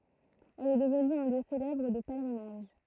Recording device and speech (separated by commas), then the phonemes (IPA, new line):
throat microphone, read sentence
ɛl ɛ dəvny œ̃ ljø selɛbʁ də pɛlʁinaʒ